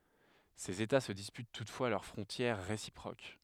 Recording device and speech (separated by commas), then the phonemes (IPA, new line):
headset microphone, read sentence
sez eta sə dispyt tutfwa lœʁ fʁɔ̃tjɛʁ ʁesipʁok